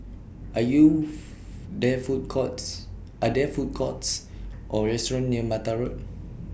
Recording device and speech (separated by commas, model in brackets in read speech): boundary microphone (BM630), read sentence